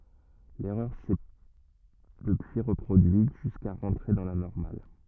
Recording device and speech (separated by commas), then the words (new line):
rigid in-ear microphone, read sentence
L'erreur s'est depuis reproduite, jusqu'à rentrer dans la normale.